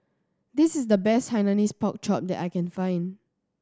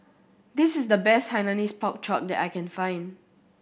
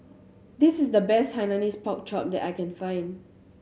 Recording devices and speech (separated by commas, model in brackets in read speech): standing microphone (AKG C214), boundary microphone (BM630), mobile phone (Samsung C7100), read sentence